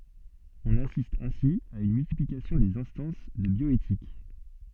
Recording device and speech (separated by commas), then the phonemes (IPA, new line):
soft in-ear microphone, read sentence
ɔ̃n asist ɛ̃si a yn myltiplikasjɔ̃ dez ɛ̃stɑ̃s də bjɔetik